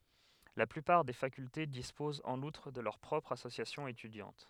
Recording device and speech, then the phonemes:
headset microphone, read sentence
la plypaʁ de fakylte dispozt ɑ̃n utʁ də lœʁ pʁɔpʁz asosjasjɔ̃z etydjɑ̃t

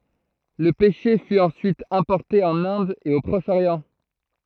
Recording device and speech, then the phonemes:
throat microphone, read sentence
lə pɛʃe fy ɑ̃syit ɛ̃pɔʁte ɑ̃n ɛ̃d e o pʁɔʃ oʁjɑ̃

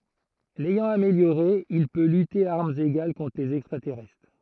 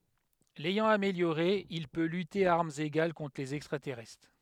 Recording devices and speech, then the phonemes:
throat microphone, headset microphone, read sentence
lɛjɑ̃ ameljoʁe il pø lyte a aʁmz eɡal kɔ̃tʁ lez ɛkstʁatɛʁɛstʁ

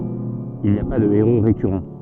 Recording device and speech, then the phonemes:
soft in-ear microphone, read sentence
il ni a pa də eʁo ʁekyʁɑ̃

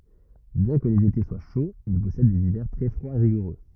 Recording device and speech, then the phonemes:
rigid in-ear microphone, read sentence
bjɛ̃ kə lez ete swa ʃoz il pɔsɛd dez ivɛʁ tʁɛ fʁwaz e ʁiɡuʁø

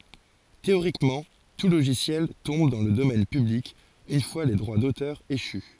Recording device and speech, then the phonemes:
forehead accelerometer, read sentence
teoʁikmɑ̃ tu loʒisjɛl tɔ̃b dɑ̃ lə domɛn pyblik yn fwa le dʁwa dotœʁ eʃy

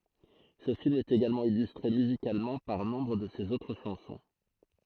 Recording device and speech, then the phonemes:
throat microphone, read sentence
sə film ɛt eɡalmɑ̃ ilystʁe myzikalmɑ̃ paʁ nɔ̃bʁ də sez otʁ ʃɑ̃sɔ̃

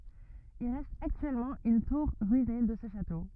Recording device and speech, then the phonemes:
rigid in-ear microphone, read sentence
il ʁɛst aktyɛlmɑ̃ yn tuʁ ʁyine də sə ʃato

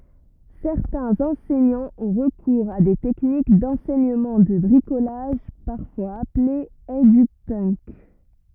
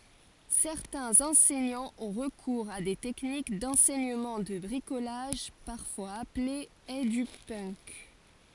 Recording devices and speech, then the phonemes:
rigid in-ear microphone, forehead accelerometer, read sentence
sɛʁtɛ̃z ɑ̃sɛɲɑ̃z ɔ̃ ʁəkuʁz a de tɛknik dɑ̃sɛɲəmɑ̃ də bʁikolaʒ paʁfwaz aple edypənk

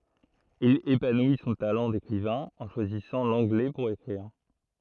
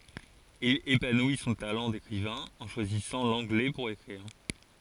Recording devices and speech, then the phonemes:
throat microphone, forehead accelerometer, read sentence
il epanwi sɔ̃ talɑ̃ dekʁivɛ̃ ɑ̃ ʃwazisɑ̃ lɑ̃ɡlɛ puʁ ekʁiʁ

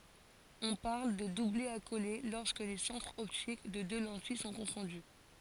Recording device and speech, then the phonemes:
forehead accelerometer, read sentence
ɔ̃ paʁl də dublɛ akole lɔʁskə le sɑ̃tʁz ɔptik de dø lɑ̃tij sɔ̃ kɔ̃fɔ̃dy

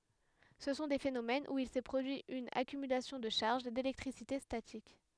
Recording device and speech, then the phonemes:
headset microphone, read sentence
sə sɔ̃ de fenomɛnz u il sɛ pʁodyi yn akymylasjɔ̃ də ʃaʁʒ delɛktʁisite statik

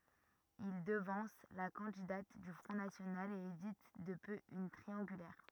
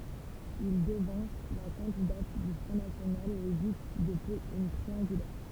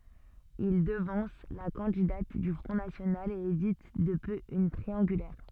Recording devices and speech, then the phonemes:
rigid in-ear microphone, temple vibration pickup, soft in-ear microphone, read sentence
il dəvɑ̃s la kɑ̃didat dy fʁɔ̃ nasjonal e evit də pø yn tʁiɑ̃ɡylɛʁ

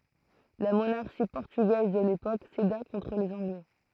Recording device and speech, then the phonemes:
throat microphone, read sentence
la monaʁʃi pɔʁtyɡɛz də lepok seda kɔ̃tʁ lez ɑ̃ɡlɛ

